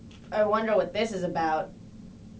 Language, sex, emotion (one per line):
English
female
disgusted